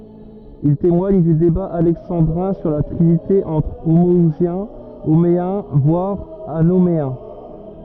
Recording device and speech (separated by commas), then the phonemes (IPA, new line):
rigid in-ear microphone, read sentence
il temwaɲ dy deba alɛksɑ̃dʁɛ̃ syʁ la tʁinite ɑ̃tʁ omɔuzjɛ̃ omeɛ̃ vwaʁ anomeɛ̃